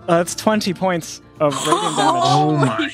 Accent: Irish accent